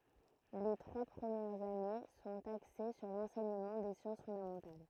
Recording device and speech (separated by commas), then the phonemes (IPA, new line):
throat microphone, read sentence
le tʁwa pʁəmjɛʁz ane sɔ̃t akse syʁ lɑ̃sɛɲəmɑ̃ de sjɑ̃s fɔ̃damɑ̃tal